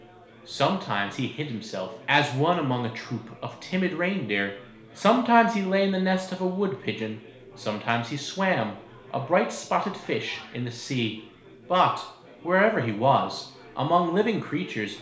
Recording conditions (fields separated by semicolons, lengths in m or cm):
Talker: one person; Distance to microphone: 1.0 m; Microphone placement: close; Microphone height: 1.1 m; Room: small (3.7 m by 2.7 m); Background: babble